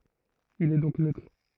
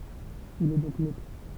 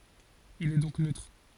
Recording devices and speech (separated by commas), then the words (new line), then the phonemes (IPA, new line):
throat microphone, temple vibration pickup, forehead accelerometer, read sentence
Il est donc neutre.
il ɛ dɔ̃k nøtʁ